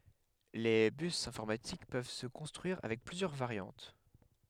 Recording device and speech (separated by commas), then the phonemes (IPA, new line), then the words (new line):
headset microphone, read sentence
le bys ɛ̃fɔʁmatik pøv sə kɔ̃stʁyiʁ avɛk plyzjœʁ vaʁjɑ̃t
Les bus informatiques peuvent se construire avec plusieurs variantes.